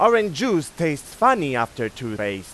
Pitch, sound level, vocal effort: 140 Hz, 99 dB SPL, very loud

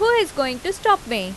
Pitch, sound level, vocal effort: 370 Hz, 90 dB SPL, loud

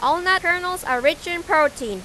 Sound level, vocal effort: 79 dB SPL, soft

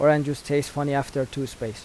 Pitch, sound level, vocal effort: 140 Hz, 84 dB SPL, normal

